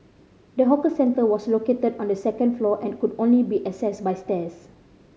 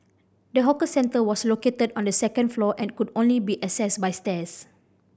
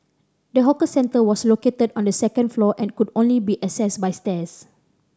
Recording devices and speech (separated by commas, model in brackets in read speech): mobile phone (Samsung C5010), boundary microphone (BM630), standing microphone (AKG C214), read sentence